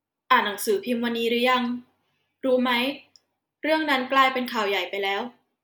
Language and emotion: Thai, neutral